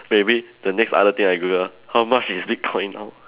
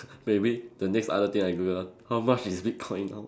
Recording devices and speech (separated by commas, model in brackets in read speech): telephone, standing microphone, conversation in separate rooms